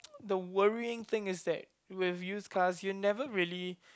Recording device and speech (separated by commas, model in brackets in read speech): close-talking microphone, conversation in the same room